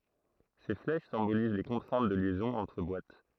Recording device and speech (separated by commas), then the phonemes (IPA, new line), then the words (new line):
throat microphone, read sentence
se flɛʃ sɛ̃boliz le kɔ̃tʁɛ̃t də ljɛzɔ̃z ɑ̃tʁ bwat
Ces flèches symbolisent les contraintes de liaisons entre boîtes.